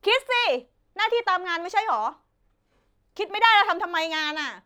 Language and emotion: Thai, angry